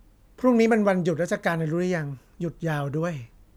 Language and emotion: Thai, neutral